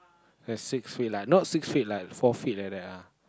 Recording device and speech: close-talking microphone, conversation in the same room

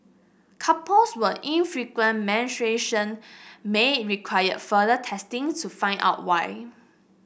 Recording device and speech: boundary microphone (BM630), read sentence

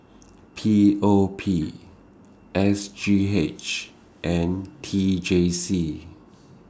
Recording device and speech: standing microphone (AKG C214), read sentence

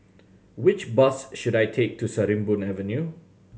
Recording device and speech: mobile phone (Samsung C7100), read sentence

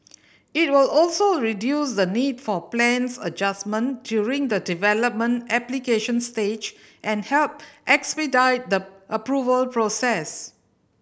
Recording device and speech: boundary microphone (BM630), read sentence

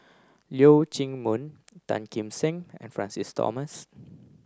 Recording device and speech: close-talking microphone (WH30), read sentence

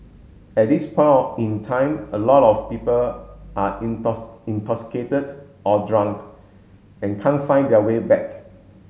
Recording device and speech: mobile phone (Samsung S8), read sentence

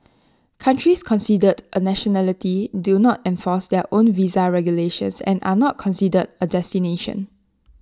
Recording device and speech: standing microphone (AKG C214), read sentence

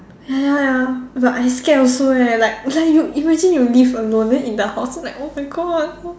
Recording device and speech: standing microphone, conversation in separate rooms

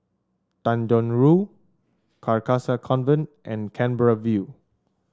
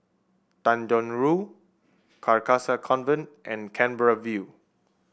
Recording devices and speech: standing microphone (AKG C214), boundary microphone (BM630), read sentence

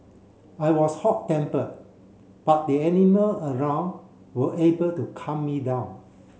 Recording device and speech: mobile phone (Samsung C7), read sentence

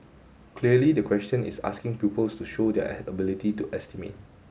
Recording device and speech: mobile phone (Samsung S8), read sentence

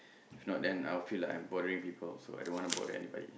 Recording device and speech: boundary microphone, conversation in the same room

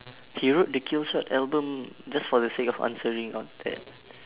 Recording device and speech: telephone, conversation in separate rooms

